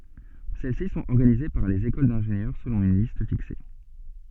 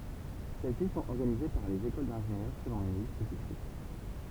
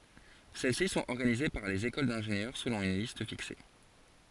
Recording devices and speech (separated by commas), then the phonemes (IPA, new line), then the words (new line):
soft in-ear microphone, temple vibration pickup, forehead accelerometer, read sentence
sɛl si sɔ̃t ɔʁɡanize paʁ lez ekol dɛ̃ʒenjœʁ səlɔ̃ yn list fikse
Celles-ci sont organisées par les écoles d’ingénieurs selon une liste fixée.